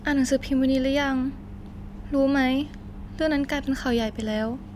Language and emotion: Thai, happy